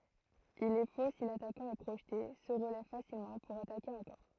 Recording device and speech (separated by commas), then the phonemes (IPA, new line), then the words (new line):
throat microphone, read sentence
il ɛ fo si latakɑ̃ ɛ pʁoʒte sə ʁəlɛv fasilmɑ̃ puʁ atake ɑ̃kɔʁ
Il est faux si l’attaquant est projeté, se relève facilement, pour attaquer encore.